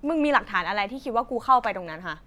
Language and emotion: Thai, angry